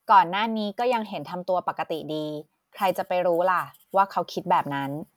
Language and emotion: Thai, neutral